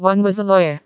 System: TTS, vocoder